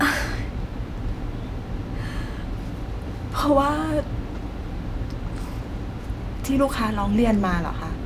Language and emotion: Thai, sad